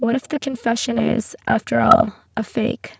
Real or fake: fake